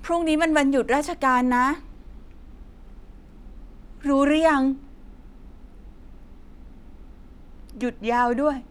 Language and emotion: Thai, sad